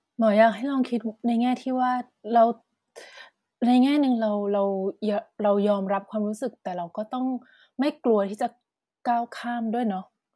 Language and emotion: Thai, neutral